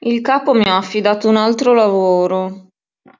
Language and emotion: Italian, sad